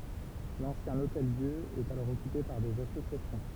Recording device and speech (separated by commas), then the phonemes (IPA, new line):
temple vibration pickup, read sentence
lɑ̃sjɛ̃ otɛldjø ɛt alɔʁ ɔkype paʁ dez asosjasjɔ̃